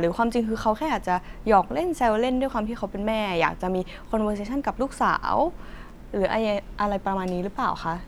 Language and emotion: Thai, neutral